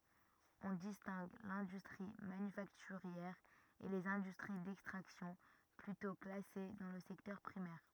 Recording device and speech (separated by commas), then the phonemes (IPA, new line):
rigid in-ear microphone, read sentence
ɔ̃ distɛ̃ɡ lɛ̃dystʁi manyfaktyʁjɛʁ e lez ɛ̃dystʁi dɛkstʁaksjɔ̃ plytɔ̃ klase dɑ̃ lə sɛktœʁ pʁimɛʁ